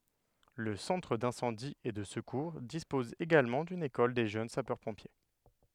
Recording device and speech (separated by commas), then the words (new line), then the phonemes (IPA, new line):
headset microphone, read sentence
Le Centre d'Incendie et de Secours dispose également d'une école des Jeunes Sapeurs-Pompiers.
lə sɑ̃tʁ dɛ̃sɑ̃di e də səkuʁ dispɔz eɡalmɑ̃ dyn ekɔl de ʒøn sapœʁpɔ̃pje